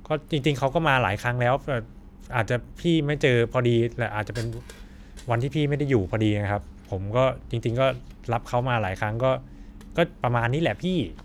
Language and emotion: Thai, neutral